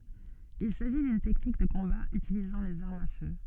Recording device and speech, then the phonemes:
soft in-ear microphone, read sentence
il saʒi dyn tɛknik də kɔ̃ba ytilizɑ̃ lez aʁmz a fø

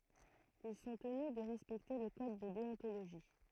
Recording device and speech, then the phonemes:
throat microphone, read sentence
il sɔ̃ təny də ʁɛspɛkte lə kɔd də deɔ̃toloʒi

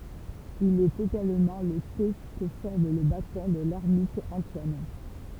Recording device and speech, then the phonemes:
temple vibration pickup, read sentence
il ɛt eɡalmɑ̃ lə te kə fɔʁm lə batɔ̃ də lɛʁmit ɑ̃twan

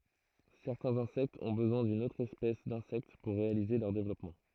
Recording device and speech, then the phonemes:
throat microphone, read sentence
sɛʁtɛ̃z ɛ̃sɛktz ɔ̃ bəzwɛ̃ dyn otʁ ɛspɛs dɛ̃sɛkt puʁ ʁealize lœʁ devlɔpmɑ̃

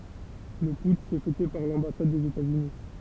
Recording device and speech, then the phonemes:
temple vibration pickup, read sentence
lə putʃ ɛ fɛte paʁ lɑ̃basad dez etaz yni

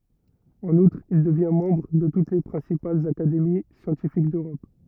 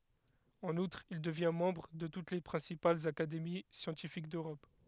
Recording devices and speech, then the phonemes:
rigid in-ear microphone, headset microphone, read sentence
ɑ̃n utʁ il dəvjɛ̃ mɑ̃bʁ də tut le pʁɛ̃sipalz akademi sjɑ̃tifik døʁɔp

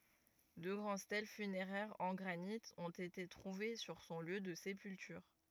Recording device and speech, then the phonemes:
rigid in-ear microphone, read sentence
dø ɡʁɑ̃d stɛl fyneʁɛʁz ɑ̃ ɡʁanit ɔ̃t ete tʁuve syʁ sɔ̃ ljø də sepyltyʁ

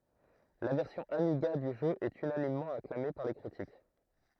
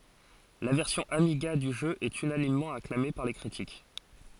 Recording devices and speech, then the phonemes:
throat microphone, forehead accelerometer, read sentence
la vɛʁsjɔ̃ amiɡa dy ʒø ɛt ynanimmɑ̃ aklame paʁ le kʁitik

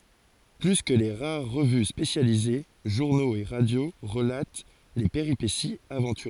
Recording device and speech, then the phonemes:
forehead accelerometer, read sentence
ply kə le ʁaʁ ʁəvy spesjalize ʒuʁnoz e ʁadjo ʁəlat le peʁipesiz avɑ̃tyʁøz

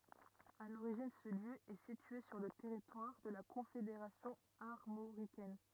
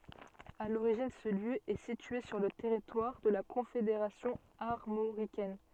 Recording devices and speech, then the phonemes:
rigid in-ear microphone, soft in-ear microphone, read sentence
a loʁiʒin sə ljø ɛ sitye syʁ lə tɛʁitwaʁ də la kɔ̃fedeʁasjɔ̃ aʁmoʁikɛn

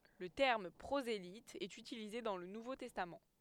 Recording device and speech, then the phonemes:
headset microphone, read sentence
lə tɛʁm pʁozelit ɛt ytilize dɑ̃ lə nuvo tɛstam

